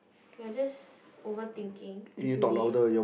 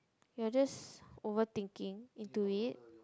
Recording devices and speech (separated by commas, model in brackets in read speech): boundary microphone, close-talking microphone, conversation in the same room